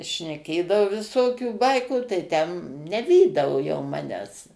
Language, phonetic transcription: Lithuanian, šneˈkėdavo viˈsokių ˈbaikų tai ˈten neˈvydavo jau ˈmanęs

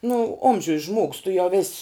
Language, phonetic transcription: Lithuanian, nu ˈomžiuj žmogs tu jau vės'

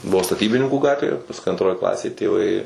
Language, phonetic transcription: Lithuanian, ˈbuvo staˈtybininkų ˈgatvė pasˈkui antˈroj ˈklasėj tėˈvai

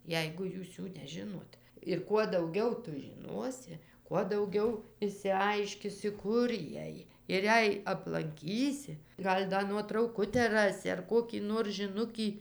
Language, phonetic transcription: Lithuanian, ˈjeigu ˈjūs ˈjų neˈžinot ir kuo dauˈgiau ˈtu žiˈnuosi kuo dauˈgiau išsiˈaiškisi ˈkur ˈjiej ir ˈjei aplanˈkysi ˈgal' ˈda nuotrauˈkutę ˈrasi ar ˈkokį nor žiˈnukį

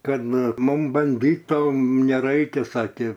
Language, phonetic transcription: Lithuanian, ˈkad nu ˈmum banˈdyto neˈraikia ˈsakė

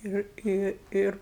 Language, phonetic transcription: Lithuanian, ˈir i ˈir

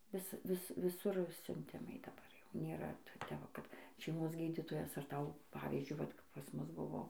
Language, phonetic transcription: Lithuanian, ˈvis ˈvis viˈsur siunˈtimai daˈbar jau nėˈra ˈte va ˈkad šeiˈmos ˈgydytojas ar ˈtau ˈpavyzdžiui ˈvat kap pas ˈmus ˈbuvo

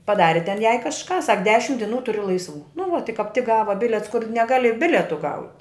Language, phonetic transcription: Lithuanian, paˈdari ten jai kažˈką sak ˈdešim diˈnų ˈturi laisˈvų nu va ti kap tik ˈgava ˈbiliets kur neˈgali ˈbiletu gaut'

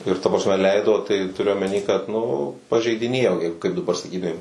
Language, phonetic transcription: Lithuanian, ir ta prasˈme ˈleido tai tuˈriu omeˈny kad nu pažeidiˈnėjo ir kaip daˈbar saˈkytumėm

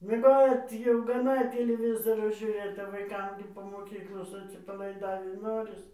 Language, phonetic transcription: Lithuanian, mieˈgot jau gaˈna tiliˈvizoro žiūˈrėt vaiˈkam gi po moˈkyklos atsipalaiˈdavį ˈnoris

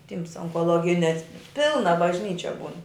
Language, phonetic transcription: Lithuanian, ˈtyms onkoˈlogines ˈpilna bažˈnyčia ˈbūn

